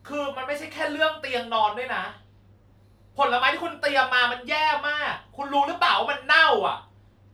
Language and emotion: Thai, angry